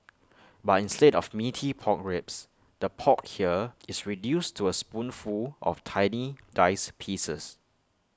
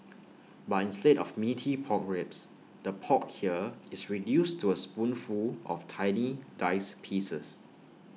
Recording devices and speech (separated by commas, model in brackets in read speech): close-talking microphone (WH20), mobile phone (iPhone 6), read sentence